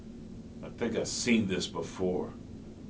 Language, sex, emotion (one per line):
English
male
disgusted